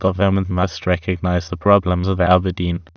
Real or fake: fake